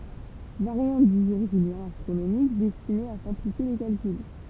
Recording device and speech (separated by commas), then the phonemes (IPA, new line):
temple vibration pickup, read sentence
vaʁjɑ̃t dy ʒuʁ ʒyljɛ̃ astʁonomik dɛstine a sɛ̃plifje le kalkyl